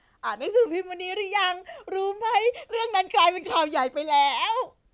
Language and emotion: Thai, happy